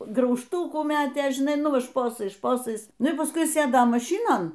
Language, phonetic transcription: Lithuanian, graužˈtūkų ˈmetė žiˈnai ˈnu ˈva ˈšposais ˈšposais ˈnu y pasˈkui ˈsėdo maˈšynon

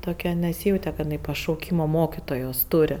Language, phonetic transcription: Lithuanian, toˈke neˈsyjaute kad jiˈnai pašauˈkymo ˈmokitojos ˈturi

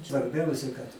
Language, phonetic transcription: Lithuanian, svarˈbiausia kad

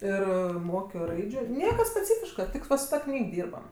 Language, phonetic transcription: Lithuanian, ˈir ˈmokio ˈraidžiu ˈnieka speˈcyfiška ˈtik va su ˈta ˈknyg ˈdyrbam

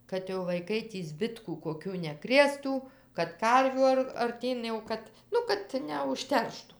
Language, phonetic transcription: Lithuanian, kad jau vaiˈkai tį ˈzbitkų koˈkių neˈkrėstų kad ˈkarvių ar arˈtyn jau ˈkad ˈnu kad neužˈterštu

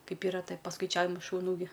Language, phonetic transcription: Lithuanian, ˈkaip ˈyra ˈtai paskaiˈčiavimai šuˈnų gi

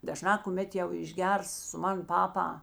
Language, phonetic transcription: Lithuanian, daˈžnā kuˈmet jau išˈgers su ˈman ˈpapa

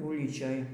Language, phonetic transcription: Lithuanian, ˈulyčioj

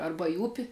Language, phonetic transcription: Lithuanian, arba į ˈupi

